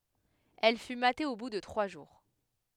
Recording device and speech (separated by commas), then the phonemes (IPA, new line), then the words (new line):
headset microphone, read sentence
ɛl fy mate o bu də tʁwa ʒuʁ
Elle fut matée au bout de trois jours.